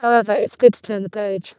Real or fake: fake